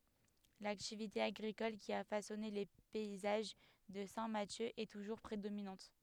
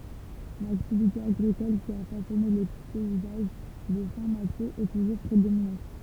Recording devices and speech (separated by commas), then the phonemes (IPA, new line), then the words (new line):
headset microphone, temple vibration pickup, read sentence
laktivite aɡʁikɔl ki a fasɔne le pɛizaʒ də sɛ̃ masjø ɛ tuʒuʁ pʁedominɑ̃t
L'activité agricole qui a façonné les paysages de Saint-Mathieu est toujours prédominante.